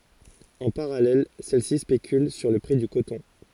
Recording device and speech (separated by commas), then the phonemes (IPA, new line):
forehead accelerometer, read sentence
ɑ̃ paʁalɛl sɛl si spekyl syʁ lə pʁi dy kotɔ̃